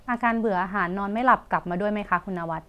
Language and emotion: Thai, neutral